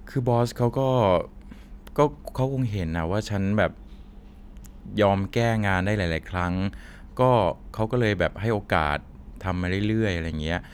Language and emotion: Thai, neutral